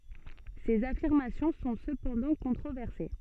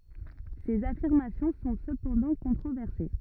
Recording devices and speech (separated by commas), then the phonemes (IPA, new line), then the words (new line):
soft in-ear microphone, rigid in-ear microphone, read sentence
sez afiʁmasjɔ̃ sɔ̃ səpɑ̃dɑ̃ kɔ̃tʁovɛʁse
Ces affirmations sont cependant controversées.